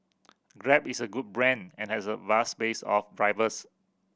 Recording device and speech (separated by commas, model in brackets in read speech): boundary microphone (BM630), read sentence